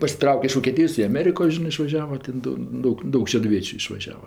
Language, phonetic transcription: Lithuanian, pasiˈtrauke iš vokėˈtijos i aˈmeriko ˈžinɜ išvaˈžiava ˈtėn do ˈdaug ˈdaug šeduˈviečiu išvaˈžiava

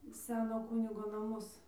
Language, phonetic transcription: Lithuanian, ˈseno ˈkunigo naˈmus

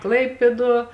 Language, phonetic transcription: Lithuanian, ˈklaipėˌduo

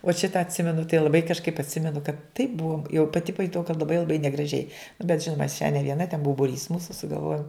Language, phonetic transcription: Lithuanian, uot ˈšita atˈsimenu tai laˈbai kažˈkaip atˈsimenu kad taip ˈbuom jau paˈti pajuˈtau kad laˈbai laˈbai negraˈžiai nu bet ˈžinuma aš še ne vieˈna ten ˈbuo buˈrys ˈmūsu sugalˈvojum

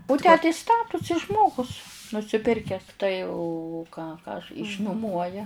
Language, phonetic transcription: Lithuanian, u ˈtę tai ˈstatusi ˈžmogus nusiˈpirkes tai u u ką ˈką aš išnuˈmuoja

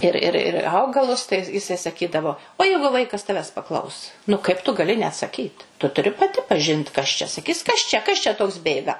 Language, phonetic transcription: Lithuanian, ir ˈir ir ˈaugalus tai jiˈsai saˈkydavo o ˈjeigu ˈvaikas ˈtavęs paˈklaus nu kaip tu gali neatsaˈkyt tu tuˈri paˈti paˈžint kas čia saˈkys ˈkas čia ˈkas čia ˈtoks ˈbėga

